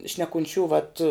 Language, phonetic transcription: Lithuanian, šnekunˈčių vat

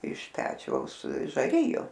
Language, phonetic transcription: Lithuanian, iš ˈpečiaus žaˈriju

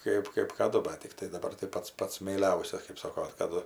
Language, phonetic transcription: Lithuanian, ˈkaip kɜp kaˈdu bat tikˈtai daˈbar tai ˈpats ˈpats meiˈliausias kɜp ˈsoko kaˈdu

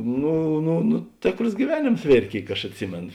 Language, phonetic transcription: Lithuanian, ˈnu nu nu ˈtėkros gyˈveˌnėms ˈvėrė ˈkėik aš atˈsimėno

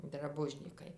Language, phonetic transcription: Lithuanian, draˈbužnykai

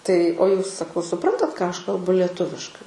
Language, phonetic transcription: Lithuanian, tai o ˈjūs saˈkau suˈprantat ką ˈaš kalˈbu leˈtuviškai

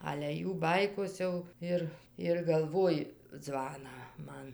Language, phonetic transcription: Lithuanian, ale ˈjų ˈbaikos jau ˈir ir galˈvoji ˈdzvaną ˈman

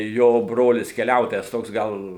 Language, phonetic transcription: Lithuanian, ˈjo ˈbrolis keˈliautojas ˈtoks ˈgal

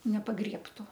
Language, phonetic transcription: Lithuanian, nepaˈgriebtu

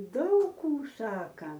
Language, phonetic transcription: Lithuanian, ˈdaug ˈkų ˈsaka

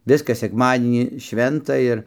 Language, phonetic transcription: Lithuanian, ˈviskas sekˈmadienį ˈšventa ir

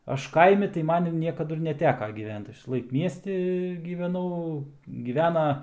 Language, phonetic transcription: Lithuanian, ˈaš ˈkaimi tai ˈman jau ˈniekadu ir neˈteka gyˈvent ˈaš visaˈlaik ˈmiesti gyveˈnau gyˈvena

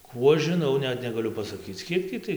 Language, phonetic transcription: Lithuanian, ˈkų aš žiˈnau ˈnet negaˈliu pasaˈkyc ˈkiek tį tai

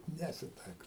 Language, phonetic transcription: Lithuanian, ˈnesitaikau

